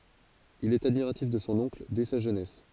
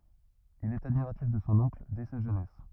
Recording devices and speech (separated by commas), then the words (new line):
forehead accelerometer, rigid in-ear microphone, read sentence
Il est admiratif de son oncle dès sa jeunesse.